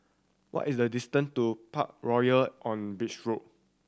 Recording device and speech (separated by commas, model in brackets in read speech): standing microphone (AKG C214), read sentence